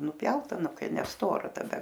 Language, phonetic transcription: Lithuanian, nuˈpjauta ˈnu ˈkai neˈstora taˈda

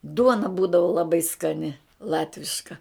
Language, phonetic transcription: Lithuanian, ˈduona ˈbūdavu laˈbai skaˈni ˈlatviška

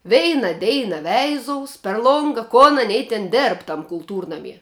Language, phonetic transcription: Lithuanian, ˈveina ˈdeina ˈveizous per ˈlonga kon aˈnei ten ˈdėrb ˈtam kulˈtūrnamie

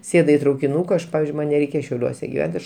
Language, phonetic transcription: Lithuanian, ˈsėdu i traukiˈnūka ˈaš ˈpavizdžiui ˈman neˈreikia šiauˈliuose giˈvent ˈaš

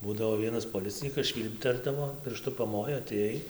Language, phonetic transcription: Lithuanian, ˈbūdavo ˈvienas poˈlicinykas ˈšvylpterdavo pirˈštu paˈmojo atėˈjai

